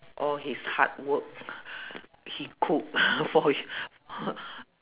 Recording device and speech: telephone, conversation in separate rooms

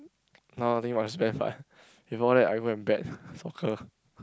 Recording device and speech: close-talking microphone, conversation in the same room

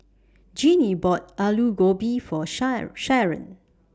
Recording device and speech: standing microphone (AKG C214), read sentence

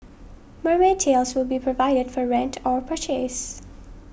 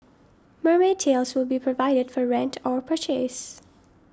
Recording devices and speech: boundary microphone (BM630), standing microphone (AKG C214), read sentence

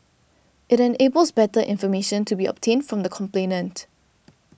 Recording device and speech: boundary microphone (BM630), read sentence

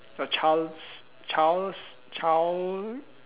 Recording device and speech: telephone, conversation in separate rooms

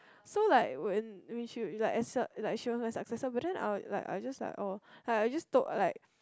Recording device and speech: close-talking microphone, conversation in the same room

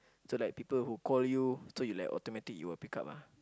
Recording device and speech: close-talking microphone, conversation in the same room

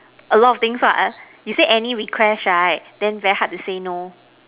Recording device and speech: telephone, conversation in separate rooms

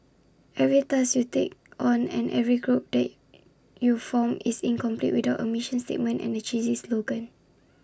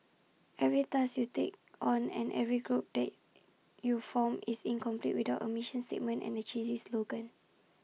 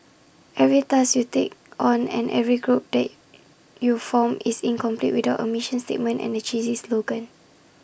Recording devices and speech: standing microphone (AKG C214), mobile phone (iPhone 6), boundary microphone (BM630), read sentence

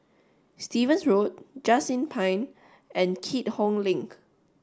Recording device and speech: standing microphone (AKG C214), read sentence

